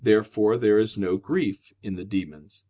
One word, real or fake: real